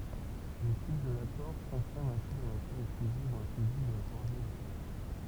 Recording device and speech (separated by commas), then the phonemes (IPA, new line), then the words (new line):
temple vibration pickup, read sentence
lə tip də lakɔʁ kɔ̃fiʁm ɛ̃si la natyʁ ɛksklyziv u ɛ̃klyziv də la kɔɔʁdinasjɔ̃
Le type de l'accord confirme ainsi la nature exclusive ou inclusive de la coordination.